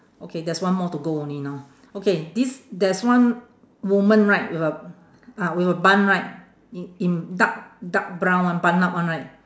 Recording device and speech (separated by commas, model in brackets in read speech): standing microphone, conversation in separate rooms